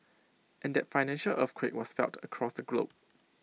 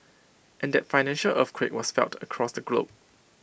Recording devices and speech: mobile phone (iPhone 6), boundary microphone (BM630), read sentence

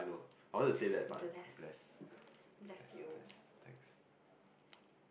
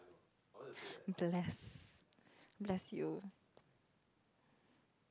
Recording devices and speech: boundary microphone, close-talking microphone, conversation in the same room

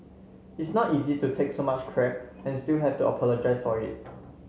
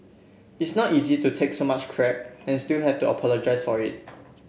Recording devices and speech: mobile phone (Samsung C7), boundary microphone (BM630), read sentence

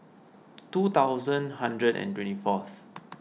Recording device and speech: mobile phone (iPhone 6), read sentence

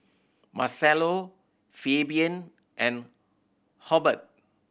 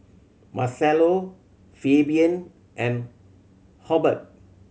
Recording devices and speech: boundary microphone (BM630), mobile phone (Samsung C7100), read sentence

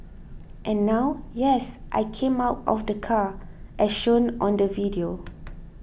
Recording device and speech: boundary microphone (BM630), read sentence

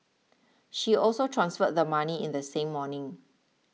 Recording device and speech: mobile phone (iPhone 6), read sentence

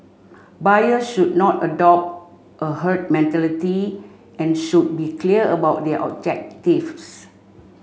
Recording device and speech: mobile phone (Samsung C5), read sentence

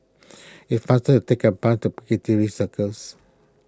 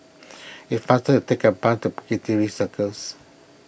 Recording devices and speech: close-talking microphone (WH20), boundary microphone (BM630), read sentence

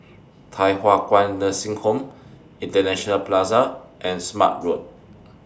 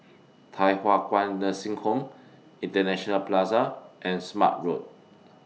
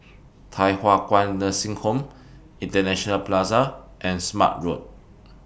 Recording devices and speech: standing microphone (AKG C214), mobile phone (iPhone 6), boundary microphone (BM630), read sentence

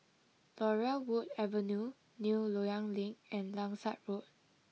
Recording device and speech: mobile phone (iPhone 6), read sentence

